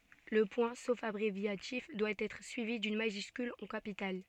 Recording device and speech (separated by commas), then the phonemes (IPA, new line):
soft in-ear microphone, read sentence
lə pwɛ̃ sof abʁevjatif dwa ɛtʁ syivi dyn maʒyskyl ɑ̃ kapital